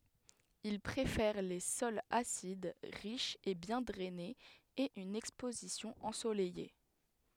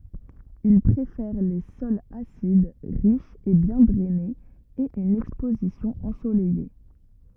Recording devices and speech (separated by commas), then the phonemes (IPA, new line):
headset microphone, rigid in-ear microphone, read sentence
il pʁefɛʁ le sɔlz asid ʁiʃz e bjɛ̃ dʁɛnez e yn ɛkspozisjɔ̃ ɑ̃solɛje